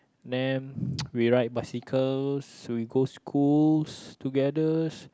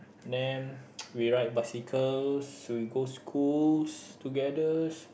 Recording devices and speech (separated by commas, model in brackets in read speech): close-talking microphone, boundary microphone, conversation in the same room